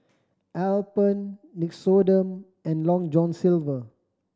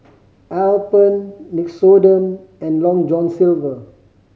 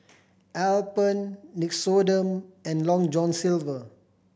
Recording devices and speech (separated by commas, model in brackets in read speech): standing microphone (AKG C214), mobile phone (Samsung C5010), boundary microphone (BM630), read sentence